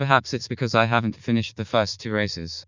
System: TTS, vocoder